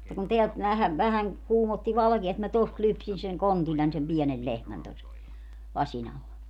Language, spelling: Finnish, mutta kun täältä vähän vähän kuumotti valkea että minä tuosta lypsin sen kontillani sen pienen lehmän tuossa lasin alla
- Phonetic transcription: [mut]ta kun 'teält 'vähä vähäŋ , 'kuumotti "valᵃkia et mä 'tost 'lypsin̬ seŋ "kontiĺĺań sem 'piɛnel 'lehmän tos , 'laśin ‿alla .

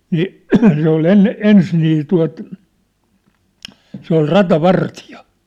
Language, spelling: Finnish, niin se oli ennen ensin niin tuota se oli ratavartija
- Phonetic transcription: 'nii’ , se ‿ol 'enne , "ens nii tua̭t , 'se ‿ol "rata"vartija .

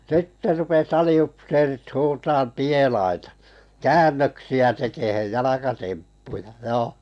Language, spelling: Finnish, sitten rupesi aliupseerit huutamaan pielaita käännöksiä tekemään jalkatemppuja joo
- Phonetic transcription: 'sitte rupes 'ali₍upseerit 'huutaam "pielaita , "käännöksi₍ä 'tekehej "jalakatemppuja 'joo .

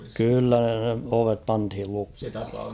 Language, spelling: Finnish, kyllä ne ovet pantiin lukkoon
- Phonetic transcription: kyllä ne 'ovep 'panthil 'lukh̭ᴜ .

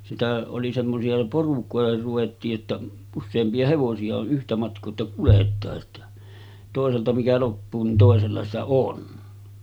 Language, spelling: Finnish, sitä oli semmoisia porukoihin ruvettiin että useampia hevosia on yhtä matkaa että kuljetaan että toiselta mikä loppuu niin toisella sitä sitä on
- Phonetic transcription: sitä oli semmosi₍a 'porukòeher ruvettii’ ’että , 'usseempi₍a 'hevosi₍a o ’yhtä matk̀oo että kulet̀aa’ ’että , tòeselta mikä loppuu nin 'tòesella sitä 'sitä 'on .

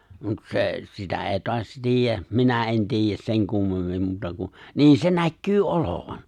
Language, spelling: Finnish, mutta se sitä ei taas tiedä minä en tiedä sen kummemmin muuta kuin niin se näkyy olevan
- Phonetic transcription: mut se , sitä 'èi toas 'tiijjä , 'minä ’en 'tiijjäs 'seŋ kummemmim 'muuta ku , "nii se 'näkkyy "’olovan .

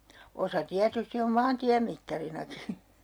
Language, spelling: Finnish, osa tietysti on maantiemittarinakin
- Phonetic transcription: 'osa 'tiätysti om "maantiämittarinaki .

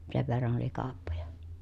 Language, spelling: Finnish, sen verran oli kauppoja
- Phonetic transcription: sev verran oli kaappoja .

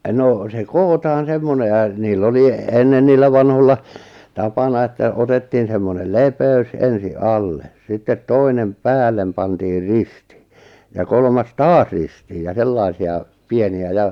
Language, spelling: Finnish, no se kootaan semmoinen ja niillä oli ennen niillä vanhoilla tapana että otettiin semmoinen lepeys ensin alle sitten toinen päälle pantiin risti ja kolmas taas ristiin ja sellaisia pieniä ja
- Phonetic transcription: 'no , se "kootaan̬ 'semmone ja , niil'l ‿oli , 'ennen 'niillä 'vanholla , 'tapana että 'otettiin semmonel "lepe₍ys ensi "’alle , sittet 'toinem "päällem pantiir "ristÌ , ja 'kolmas "taas 'ristiij ja 'sellaisi₍a , 'pieni₍ä ja ,.

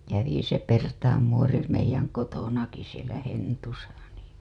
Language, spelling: Finnish, kävi se Pertaan muori meidän kotonakin siellä Hentussa niin
- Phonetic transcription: 'kävi se 'Pertaam muori meij̆jäŋ 'kotonaki sielä 'Hentusa nii .

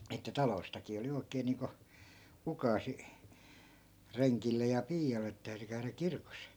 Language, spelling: Finnish, että taloistakin oli oikein niin kuin ukaasi rengille ja piialle että täytyi käydä kirkossa
- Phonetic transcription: että 'taloistakii oli oi̮kee 'niiŋko , 'ukaasi , 'reŋkillej ja 'piijal̆le et täyty käyrä 'kirkos .

